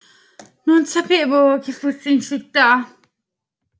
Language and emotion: Italian, fearful